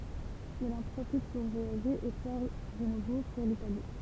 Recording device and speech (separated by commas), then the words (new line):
temple vibration pickup, read sentence
Il en profite pour voyager et part de nouveau pour l'Italie.